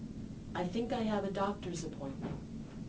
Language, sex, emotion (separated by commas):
English, female, neutral